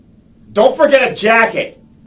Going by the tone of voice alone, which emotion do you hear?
angry